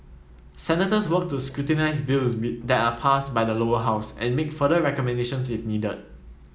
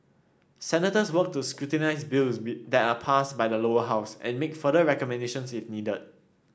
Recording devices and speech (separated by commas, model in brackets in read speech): mobile phone (iPhone 7), standing microphone (AKG C214), read sentence